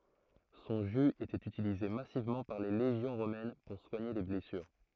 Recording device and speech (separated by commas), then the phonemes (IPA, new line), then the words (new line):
throat microphone, read sentence
sɔ̃ ʒy etɛt ytilize masivmɑ̃ paʁ le leʒjɔ̃ ʁomɛn puʁ swaɲe le blɛsyʁ
Son jus était utilisé massivement par les légions romaines pour soigner les blessures.